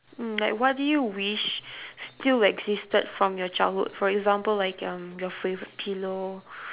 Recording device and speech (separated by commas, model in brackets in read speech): telephone, conversation in separate rooms